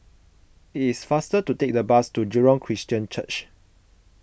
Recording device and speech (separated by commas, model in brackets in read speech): boundary microphone (BM630), read sentence